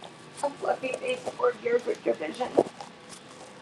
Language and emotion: English, sad